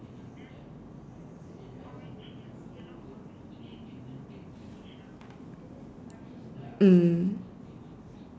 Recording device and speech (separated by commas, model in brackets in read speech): standing microphone, conversation in separate rooms